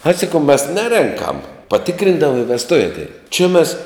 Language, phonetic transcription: Lithuanian, ai saˈkau mes ˈnerenkam paˈtikrindava i vesˈtuve atˈein či mes

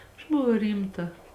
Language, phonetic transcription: Lithuanian, aš buˈvau ˈrymˌta

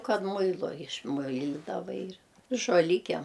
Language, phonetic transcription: Lithuanian, ˈkad ˈmuilu išˈmuilidava ir žoˈlikiem

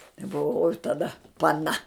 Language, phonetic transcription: Lithuanian, i buˈvau oj taˈda paˈna

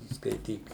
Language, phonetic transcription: Lithuanian, skaiˈtyk

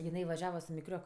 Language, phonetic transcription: Lithuanian, jiˈnai vaˈžiava su miˈkriok

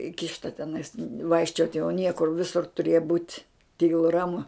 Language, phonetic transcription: Lithuanian, ˈikišta teˈnais ˈvaikščiot' jau ˈniekur ˈvisur tuˈrėja būt' ˈtylu ˈramu

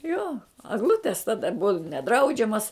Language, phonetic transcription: Lithuanian, ˈjo agˈlutes ˈtada ˈbua neˈdraudžiamas

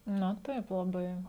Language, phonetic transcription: Lithuanian, na ˈtaip laˈbai

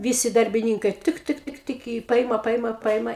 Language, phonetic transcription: Lithuanian, ˈvysi darbiˈnynkai ˈtɨk ˈtɨk ˈtɨk tɨk i ˈpaima ˈpaima ˈpaima

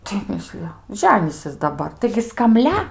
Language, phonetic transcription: Lithuanian, tai ˈmislija ˈženysis daˈbar taigi skamˈlia

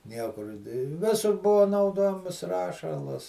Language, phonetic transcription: Lithuanian, ˈniekur i ˈvisur ˈbuvo nauˈdojamas ˈrašalas

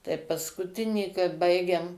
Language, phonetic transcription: Lithuanian, tai paskuˈtinįkart ˈbaigėm

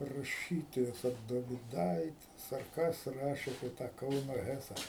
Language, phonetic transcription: Lithuanian, raˈšytojas ar doviˈdaitis ar ˈkas ˈrašė apie ˈtą ˈkauno ˈhesa

